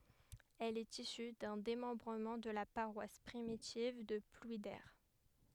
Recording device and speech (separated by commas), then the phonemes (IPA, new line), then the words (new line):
headset microphone, read sentence
ɛl ɛt isy dœ̃ demɑ̃bʁəmɑ̃ də la paʁwas pʁimitiv də plwide
Elle est issue d'un démembrement de la paroisse primitive de Plouider.